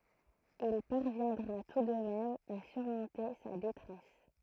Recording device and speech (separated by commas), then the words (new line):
throat microphone, read sentence
Il parviendra tout de même à surmonter sa détresse.